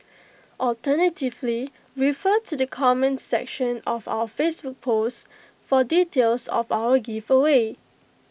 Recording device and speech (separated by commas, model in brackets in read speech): boundary microphone (BM630), read sentence